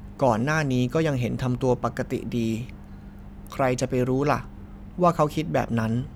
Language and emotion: Thai, neutral